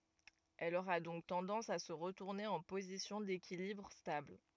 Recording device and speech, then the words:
rigid in-ear microphone, read sentence
Elle aura donc tendance à se retourner en position d’équilibre stable.

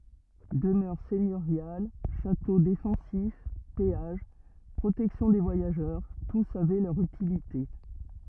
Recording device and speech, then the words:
rigid in-ear microphone, read sentence
Demeures seigneuriales, châteaux défensifs, péages, protection des voyageurs, tous avaient leur utilité.

